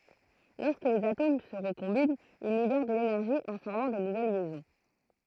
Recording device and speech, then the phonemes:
throat microphone, read sentence
lɔʁskə lez atom sə ʁəkɔ̃bint il libɛʁ də lenɛʁʒi ɑ̃ fɔʁmɑ̃ də nuvɛl ljɛzɔ̃

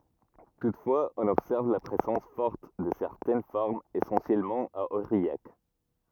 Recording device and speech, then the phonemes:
rigid in-ear microphone, read sentence
tutfwaz ɔ̃n ɔbsɛʁv la pʁezɑ̃s fɔʁt də sɛʁtɛn fɔʁmz esɑ̃sjɛlmɑ̃ a oʁijak

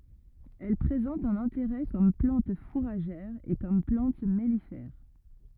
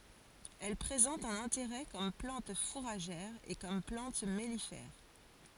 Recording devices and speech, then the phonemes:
rigid in-ear microphone, forehead accelerometer, read sentence
ɛl pʁezɑ̃t œ̃n ɛ̃teʁɛ kɔm plɑ̃t fuʁaʒɛʁ e kɔm plɑ̃t mɛlifɛʁ

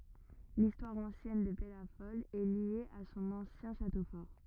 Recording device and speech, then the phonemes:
rigid in-ear microphone, read sentence
listwaʁ ɑ̃sjɛn də pɛlafɔl ɛ lje a sɔ̃n ɑ̃sjɛ̃ ʃato fɔʁ

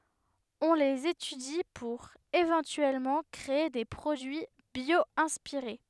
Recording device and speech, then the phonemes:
headset microphone, read sentence
ɔ̃ lez etydi puʁ evɑ̃tyɛlmɑ̃ kʁee de pʁodyi bjwɛ̃spiʁe

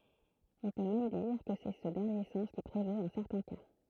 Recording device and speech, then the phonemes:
throat microphone, read sentence
ɔ̃ pø mɛm diʁ kə sɛ sə dɛʁnje sɑ̃s ki pʁevot ɑ̃ sɛʁtɛ̃ ka

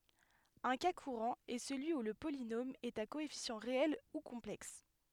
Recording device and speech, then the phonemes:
headset microphone, read sentence
œ̃ ka kuʁɑ̃ ɛ səlyi u lə polinom ɛt a koɛfisjɑ̃ ʁeɛl u kɔ̃plɛks

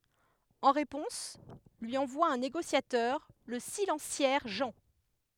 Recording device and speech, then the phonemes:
headset microphone, read sentence
ɑ̃ ʁepɔ̃s lyi ɑ̃vwa œ̃ neɡosjatœʁ lə silɑ̃sjɛʁ ʒɑ̃

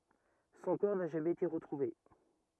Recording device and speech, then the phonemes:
rigid in-ear microphone, read sentence
sɔ̃ kɔʁ na ʒamɛz ete ʁətʁuve

